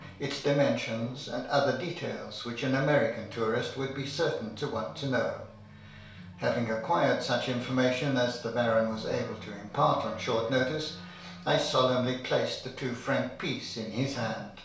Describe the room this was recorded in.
A compact room.